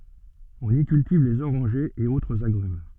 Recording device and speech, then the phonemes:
soft in-ear microphone, read sentence
ɔ̃n i kyltiv lez oʁɑ̃ʒez e otʁz aɡʁym

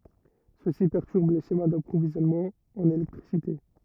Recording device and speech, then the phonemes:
rigid in-ear microphone, read sentence
səsi pɛʁtyʁb le ʃema dapʁovizjɔnmɑ̃z ɑ̃n elɛktʁisite

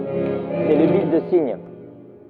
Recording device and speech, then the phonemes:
rigid in-ear microphone, read sentence
sɛ lə bit də siɲ

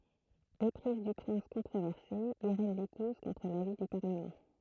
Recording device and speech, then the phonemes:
throat microphone, read sentence
epʁiz dy pʁɛ̃s kɔ̃tʁovɛʁse iʁɛn lepuz kɔ̃tʁ lavi dy paʁləmɑ̃

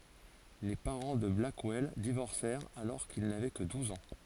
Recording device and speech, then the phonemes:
forehead accelerometer, read sentence
le paʁɑ̃ də blakwɛl divɔʁsɛʁt alɔʁ kil navɛ kə duz ɑ̃

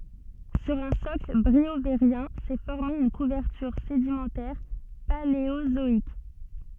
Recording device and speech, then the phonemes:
soft in-ear microphone, read sentence
syʁ œ̃ sɔkl bʁioveʁjɛ̃ sɛ fɔʁme yn kuvɛʁtyʁ sedimɑ̃tɛʁ paleozɔik

